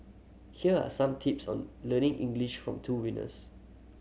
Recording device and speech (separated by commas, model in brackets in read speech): mobile phone (Samsung C7100), read sentence